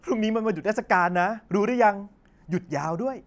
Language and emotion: Thai, happy